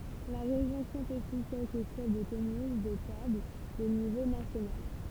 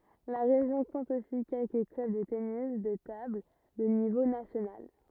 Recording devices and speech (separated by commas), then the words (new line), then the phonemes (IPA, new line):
temple vibration pickup, rigid in-ear microphone, read sentence
La région compte aussi quelques clubs de tennis de table de niveau national.
la ʁeʒjɔ̃ kɔ̃t osi kɛlkə klœb də tenis də tabl də nivo nasjonal